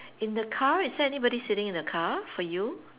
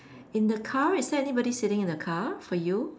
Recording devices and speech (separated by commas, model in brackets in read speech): telephone, standing microphone, conversation in separate rooms